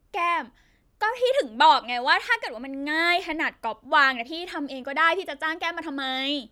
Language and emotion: Thai, frustrated